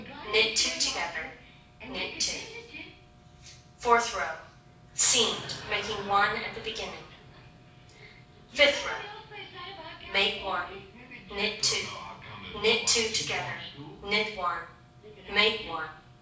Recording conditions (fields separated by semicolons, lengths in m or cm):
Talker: one person; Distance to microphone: 5.8 m; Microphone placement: far; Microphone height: 1.8 m; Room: medium-sized (5.7 m by 4.0 m); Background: television